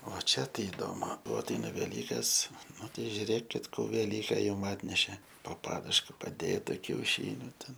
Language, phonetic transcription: Lithuanian, o ˈčia ˈtai iˈdomu ˈbuo atˈeina veˈlykas ˈnu ˈtei žiuˈrėkit ˈkų veˈlyke ˈjum ˈatneše po ˈpaduška paˈdėta kiauˈšyniu ˈten

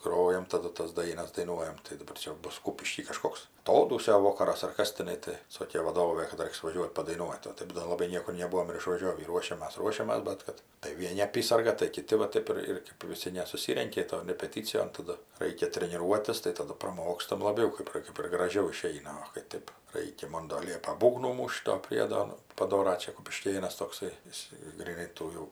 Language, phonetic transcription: Lithuanian, ˈgrojam taˈdu tas ˈdainas daiˈnuojam tai daˈbar ˈčia ˈbus ˈkūpišky kaˈžkoks aˈtodūsio ˈvokaras ar ˈkas tiˈnai ˈtai ˈsokė vaˈdovė kad ˈraiks vaˈžiuot' padaiˈnuot' o ˈtaip do laˈbai ˈniekur neˈbuvom ir išvaˈžiovį ˈruošiamas ˈruošiamas ˈbet kad tai vieˈni aˈpysarga tai kiˈti va ˈtaip ir ir ˈkėp viˈsi nesuˈsyrenki ton repeˈtycijon taˈdu ˈraikia treniˈruotis tai taˈdu praˈmokstam laˈbiau ˈkaip ˈkaip ir graˈžiau iˈšeina o kai ˈtėp ˈraikia ˈmon do ˈliepa ˈbūgnų ˈmūšt do ˈpriedo ˈnu paˈdora ˈčia kupiˈškėnas tokˈsai ˈjis gryˈnai ˈtų jų

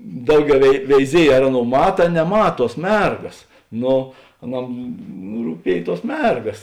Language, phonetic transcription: Lithuanian, ˈdauˌgiau vei veiˈziej ar ˈaˌnou ˈmata a neˈmat ˈtuos ˈmergas ˈno aˈnam rūˈpiej ˈtuos ˈmergas

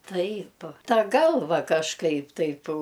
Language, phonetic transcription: Lithuanian, ˈtaip ˈta ˈgalva kažˈkaip ˈtaip

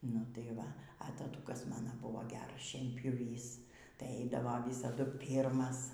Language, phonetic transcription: Lithuanian, nu tai ˈva a taˈtukas ˈmana ˈbuvo ˈgeras šienpjuˈvys tai ˈaidavo ˈvysadu ˈpyrmas

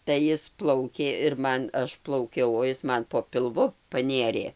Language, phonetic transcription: Lithuanian, tai ˈjis ˈplaukė ir ˈman ˈaš plauˈkiau o ˈis ˈman po pilˈvu paˈnėrė

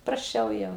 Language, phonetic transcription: Lithuanian, prasˈčiau ˈjau

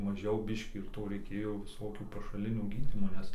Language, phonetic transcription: Lithuanian, maˈžiau ˈbiškį ir ˈto reiˈkėjo viˈsokių pašaˈlinio ˈgydymo ˈnes

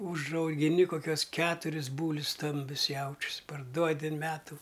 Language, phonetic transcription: Lithuanian, užaugiˈni koˈkiuos ˈketuris ˈbūlius ˈstambius ˈjaučius parˈduodi an ˈmetu

